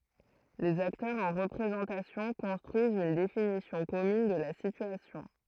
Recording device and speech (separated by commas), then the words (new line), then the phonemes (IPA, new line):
throat microphone, read sentence
Les acteurs en représentation construisent une définition commune de la situation.
lez aktœʁz ɑ̃ ʁəpʁezɑ̃tasjɔ̃ kɔ̃stʁyizt yn definisjɔ̃ kɔmyn də la sityasjɔ̃